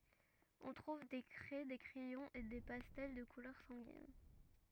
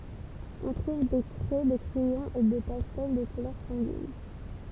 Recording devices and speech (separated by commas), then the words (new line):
rigid in-ear microphone, temple vibration pickup, read sentence
On trouve des craies, des crayons et des pastels de couleur sanguine.